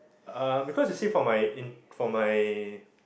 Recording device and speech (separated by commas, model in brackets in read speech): boundary microphone, conversation in the same room